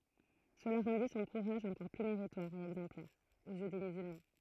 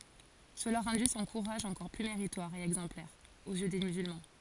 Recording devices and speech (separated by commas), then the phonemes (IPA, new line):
throat microphone, forehead accelerometer, read sentence
səla ʁɑ̃di sɔ̃ kuʁaʒ ɑ̃kɔʁ ply meʁitwaʁ e ɛɡzɑ̃plɛʁ oz jø de myzylmɑ̃